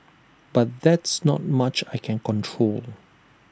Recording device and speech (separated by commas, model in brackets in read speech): standing microphone (AKG C214), read sentence